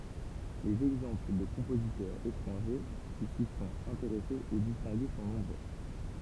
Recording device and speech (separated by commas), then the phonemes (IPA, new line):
temple vibration pickup, read sentence
lez ɛɡzɑ̃pl də kɔ̃pozitœʁz etʁɑ̃ʒe ki si sɔ̃t ɛ̃teʁɛsez e distɛ̃ɡe sɔ̃ nɔ̃bʁø